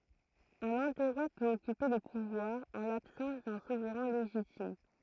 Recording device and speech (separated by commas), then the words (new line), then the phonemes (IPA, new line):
throat microphone, read sentence
Un interroi peut occuper le pouvoir en l'absence d’un souverain légitime.
œ̃n ɛ̃tɛʁwa pøt ɔkype lə puvwaʁ ɑ̃ labsɑ̃s dœ̃ suvʁɛ̃ leʒitim